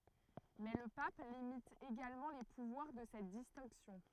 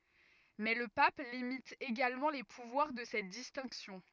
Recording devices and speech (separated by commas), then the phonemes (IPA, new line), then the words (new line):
throat microphone, rigid in-ear microphone, read sentence
mɛ lə pap limit eɡalmɑ̃ le puvwaʁ də sɛt distɛ̃ksjɔ̃
Mais le pape limite également les pouvoirs de cette distinction.